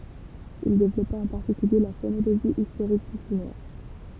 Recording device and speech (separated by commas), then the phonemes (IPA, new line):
temple vibration pickup, read sentence
il devlɔpa ɑ̃ paʁtikylje la fonoloʒi istoʁik dy ʃinwa